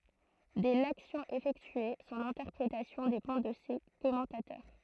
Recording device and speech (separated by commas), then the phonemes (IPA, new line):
throat microphone, read sentence
dɛ laksjɔ̃ efɛktye sɔ̃n ɛ̃tɛʁpʁetasjɔ̃ depɑ̃ də se kɔmɑ̃tatœʁ